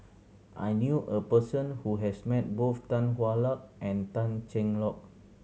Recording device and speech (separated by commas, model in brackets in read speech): mobile phone (Samsung C7100), read sentence